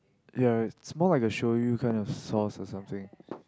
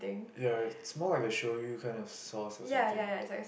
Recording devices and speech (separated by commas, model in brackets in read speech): close-talking microphone, boundary microphone, conversation in the same room